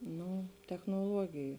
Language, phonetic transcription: Lithuanian, ˈnu technoˈluogiju

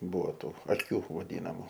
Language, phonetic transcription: Lithuanian, ˈbūvo ˈtų aˈkių vaˈdynamu

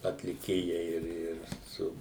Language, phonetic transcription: Lithuanian, atliˈkėjai ˈir ˈir ˈsu

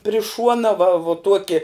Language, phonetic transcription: Lithuanian, pri ˈšuona va vu ˈtuoki

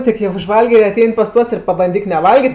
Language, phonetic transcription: Lithuanian, ˈtik jau užˈvalgė ir aˈtein' pas ˈtuos ir pabanˈdyk neˈvalgit'

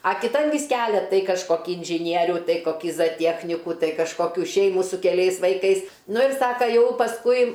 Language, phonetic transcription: Lithuanian, a kiˈtan vys ˈkelia ˈtai kažˈkoki inžiˈnierių ˈtai koˈkį zaˈtiechnikų ˈtai kažkoˈkių ˈšeimų su keˈliais vaiˈkais ˈnu ir ˈsaka ˈjau pasˈkui

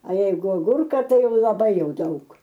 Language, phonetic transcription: Lithuanian, a ˈjeigu aˈgurka ˈtai ˈjau laˈbai ˈjau ˈdaug

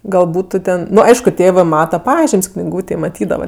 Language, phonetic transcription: Lithuanian, gal ˈbūtu ten ˈnu ˈaišku ˈtėvɜ ˈmata ˈpažim's' kniˈgūtėj maˈtydava

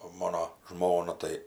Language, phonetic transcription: Lithuanian, o ˈmono ˈžmona tai

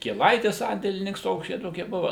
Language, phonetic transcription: Lithuanian, kieˈlaitis ˈsandėlininks ˈtoks ˈčia ˈtokie ˈbuva

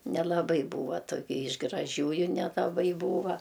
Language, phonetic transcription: Lithuanian, nelaˈbai ˈbūva toˈkia iš graˈžiųju nelaˈbai ˈbūva

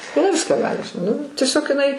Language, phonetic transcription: Lithuanian, iˈnai ˈviską ˈgali ž nu tieˈsiog iˈnai

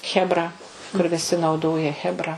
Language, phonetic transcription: Lithuanian, chebˈra kur viˈsi nauˈdoja chebˈra

